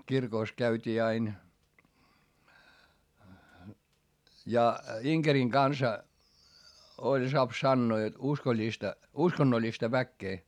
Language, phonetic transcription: Finnish, kirkòs käyt́ii ain , ja Iŋkeriŋ Gansa , oĺ soap sannoo jot uskoĺĺista , uskonnoĺĺista väkkee .
- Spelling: kirkossa käytiin aina ja Inkerin kanssa oli saa sanoa jotta uskollista uskonnollista väkeä

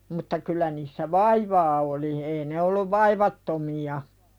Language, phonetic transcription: Finnish, mutta 'kyl̆lä niissä "vaivaa oli 'ei ne olluv "vaivattomi₍a .
- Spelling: mutta kyllä niissä vaivaa oli ei ne ollut vaivattomia

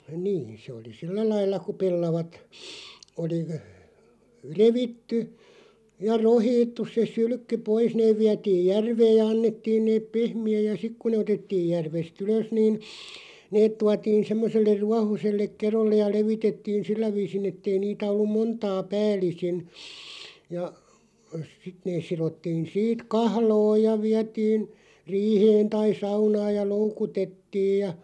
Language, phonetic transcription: Finnish, niin̬ se oli "sillä 'lailla ku 'pellavat , oli ə- , "revitty , ja 'rohiittus se "sylʸkky 'pois 'neeᵛ viätiiʲ "järveeʲ ja 'annettiin neep "pehmi₍äj ja 'sik ku ne otettiij 'järves"t ‿ylös niin , 'neet tuatiin̬ 'semmoselleʳ "ruahoselleᵏ 'kerollej ja 'levitettiin "sillä 'viisin ‿ettei niitä 'ollum "montaa 'pääl̀isin , ja , 'sit nees 'sirottiin 'siit "kahlooj ja 'viätiin , 'riiheen tai 'saunaaj ja "loukutettiij ja ,.
- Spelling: niin se oli sillä lailla kun pellavat oli - revitty ja rokhittu se sylkky pois ne vietiin järveen ja annettiin ne pehmitä ja sitten kun ne otettiin järvestä ylös niin ne tuotiin semmoiselle ruohoiselle kedolle ja levitettiin sillä viisin että ei niitä ollut montaa päällisin ja sitten ne sidottiin siitä kahloon ja vietiin riiheen tai saunaan ja loukutettiin ja

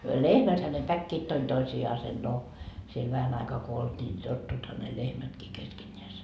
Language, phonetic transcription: Finnish, 'lehmäthä ne "päkkiit 'toin 'toisi₍aasen no , siel 'vähän aikaa ko 'olt́ii ni 'tottuitha ne 'lehmätkii keskeńńeäse .
- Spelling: lehmäthän ne päkkivät toinen toisiaan no siellä vähän aikaa kun oltiin niin tottuivathan ne lehmätkin keskenään

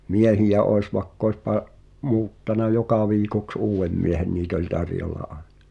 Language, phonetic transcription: Finnish, miehijä oes va[i]kk ‿oes pa’- , 'muuttana "joka viikoks 'uuwvem miehen 'niit ‿oĺ "tarjolla 'àe(ɴᴀ) .
- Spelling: miehiä olisi vaikka olisi - muuttanut joka viikoksi uuden miehen niitä oli tarjolla aina

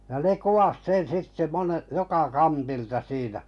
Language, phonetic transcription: Finnish, ja ne 'kuwas 'sen 'sitte 'mone- , 'joka "kantilta siinä .
- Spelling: ja ne kuvasi sen sitten - joka kantilta siinä

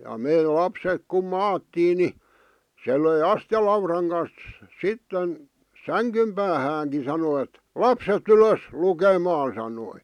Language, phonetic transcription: Finnish, ja 'mè 'lapsek kum "maattii ni , se löi "astⁱjalauraŋ kans , 'sitten , "säŋkym päähääŋkin̬ sano ᵉt , » "lapset "ylös , 'lukemaan̬ « sanoi .
- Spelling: ja me lapset kun maattiin niin se löi astialaudan kanssa sitten sängyn päähänkin sanoi että lapset ylös lukemaan sanoi

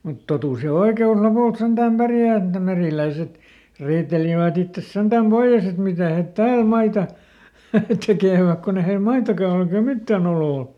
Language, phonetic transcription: Finnish, mut "totus ja "oike₍us ˈlopùlt ˈsentäm ˈpärjä̀ et ne ˈmerìläiset , ˈriitelivät ‿ittes senDäm "Boiʲes ‿et ˈmitä̀ het "tääl ˈmaita ˈtekèväk kon ‿e heil ˈmaitaka ol ‿eikä ˈmittäˈn ‿olò ol .
- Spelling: mutta totuus ja oikeus lopulta sentään pärjää että ne meriläiset riitelivät itsensä sentään pois että mitä he täällä maita tekevät kun ei heillä maitakaan ole eikä mitään oloa ole

